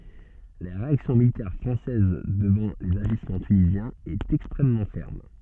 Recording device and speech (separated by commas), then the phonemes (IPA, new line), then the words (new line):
soft in-ear microphone, read sentence
la ʁeaksjɔ̃ militɛʁ fʁɑ̃sɛz dəvɑ̃ lez aʒismɑ̃ tynizjɛ̃z ɛt ɛkstʁɛmmɑ̃ fɛʁm
La réaction militaire française devant les agissements tunisiens est extrêmement ferme.